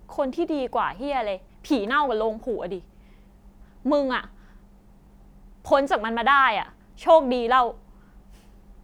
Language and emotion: Thai, angry